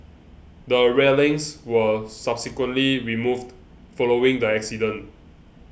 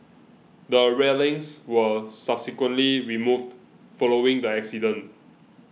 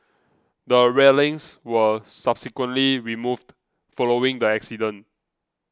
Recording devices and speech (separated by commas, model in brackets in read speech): boundary microphone (BM630), mobile phone (iPhone 6), close-talking microphone (WH20), read sentence